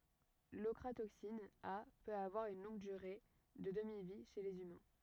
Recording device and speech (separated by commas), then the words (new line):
rigid in-ear microphone, read sentence
L'ochratoxine A peut avoir une longue durée de demi-vie chez les humains.